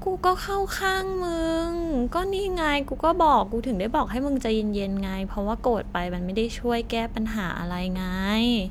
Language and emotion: Thai, frustrated